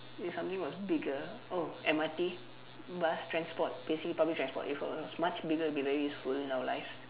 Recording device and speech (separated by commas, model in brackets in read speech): telephone, conversation in separate rooms